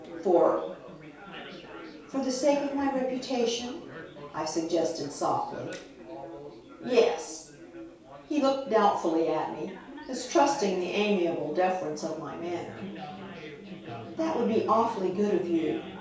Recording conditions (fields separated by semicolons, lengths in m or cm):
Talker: one person; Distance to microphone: 3.0 m; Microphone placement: far; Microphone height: 1.8 m; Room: small (3.7 m by 2.7 m); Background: babble